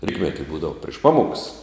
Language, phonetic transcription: Lithuanian, ˈrytmeti ˈbūdavu priš ˈpamoks

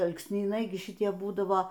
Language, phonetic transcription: Lithuanian, alksnyˈnai gi šiˈtie ˈbūdavo

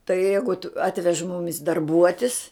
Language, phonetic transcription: Lithuanian, tai ˈjeigut ˈatvež ˈmumis darˈbuotis

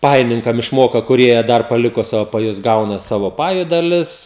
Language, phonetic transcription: Lithuanian, ˈpajininkam išˈmoka kuˈrie ˈdar paˈliko ˈsavo paˈjus ˈgauna ˈsavo ˈpaju daˈlis

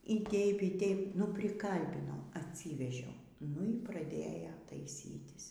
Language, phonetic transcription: Lithuanian, y ˈteip y ˈteip nu priˈkalbinau atˈsyvežiau nu y praˈdėjo taiˈsytis

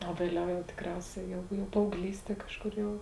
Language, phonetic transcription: Lithuanian, o vėˈliau jau tikˈriausia jau jau paauˈglystie ˈkažˌkur jau

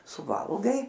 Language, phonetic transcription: Lithuanian, suˈvalgai

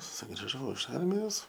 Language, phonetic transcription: Lithuanian, sugriˈžau iš ˈarmijos

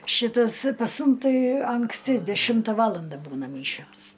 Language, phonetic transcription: Lithuanian, ˈšitas pas ˈmum ˈtai anksˈti deˈšimta ˈvalanda ˈbūna ˈmyšios

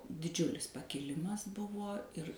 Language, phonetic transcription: Lithuanian, diˈdžiulis pakiˈlimas ˈbuvo ir

